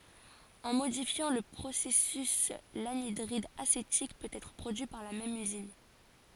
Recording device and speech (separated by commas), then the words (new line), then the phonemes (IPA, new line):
forehead accelerometer, read sentence
En modifiant le processus, l'anhydride acétique peut être produit par la même usine.
ɑ̃ modifjɑ̃ lə pʁosɛsys lanidʁid asetik pøt ɛtʁ pʁodyi paʁ la mɛm yzin